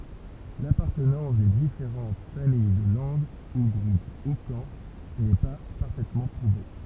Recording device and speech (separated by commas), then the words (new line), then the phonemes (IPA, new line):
temple vibration pickup, read sentence
L'appartenance des différentes familles de langues au groupe hokan n'est pas parfaitement prouvée.
lapaʁtənɑ̃s de difeʁɑ̃t famij də lɑ̃ɡz o ɡʁup okɑ̃ nɛ pa paʁfɛtmɑ̃ pʁuve